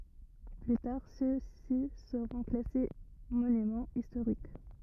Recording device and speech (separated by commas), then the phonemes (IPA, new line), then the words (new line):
rigid in-ear microphone, read sentence
ply taʁ søksi səʁɔ̃ klase monymɑ̃ istoʁik
Plus tard, ceux-ci seront classés monument historique.